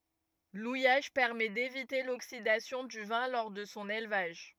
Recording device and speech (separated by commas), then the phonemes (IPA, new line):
rigid in-ear microphone, read sentence
lujaʒ pɛʁmɛ devite loksidasjɔ̃ dy vɛ̃ lɔʁ də sɔ̃ elvaʒ